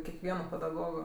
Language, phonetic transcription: Lithuanian, kekˈvieno pedaˈgogo

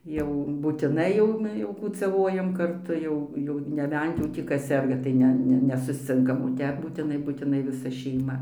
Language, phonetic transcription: Lithuanian, ˈjau būtiˈnai jau jau kūcaˈvojam karˈtu ˈjau jau neˈbent jau tį ˈkas ˈserga ˈtai ne ˈne nesusˈcinkam o ˈtep būtiˈnai būtiˈnai viˈsa šeiˈma

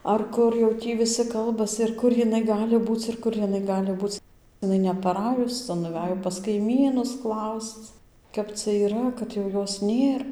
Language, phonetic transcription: Lithuanian, ar ˈkur jau ˈtį viˈsi ˈkalbas ir ˈkur jiˈnai ˈgali ˈbūc ir ˈkur jiˈnai ˈgali ˈbūc iˈnai nepaˈrajus ˈca nuˈvæjo pas kaiˈmynus ˈklausc ˈkap cia yˈra kad jau ˈjos ˈnėr

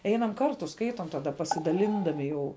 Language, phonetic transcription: Lithuanian, ˈeinam ˈkartu ˈskaitom taˈda pasidaˈlindami jau

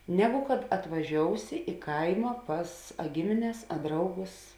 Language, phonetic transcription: Lithuanian, ˈnegu kad atvaˈžiousi i ˈkaima ˈpas a ˈgimines a ˈdrauˌgus

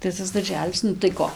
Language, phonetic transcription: Lithuanian, tai ˈtas darˈželis ˈnu tai ˈko

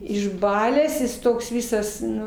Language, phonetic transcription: Lithuanian, išˈbalęs ˈjis toks ˈvisas ˈnu

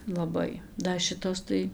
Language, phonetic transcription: Lithuanian, laˈbai da ˈšitos tai

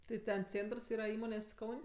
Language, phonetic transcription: Lithuanian, tai ˈten ˈcėntrs ˈyra ˈįmonės' ˈkaun'

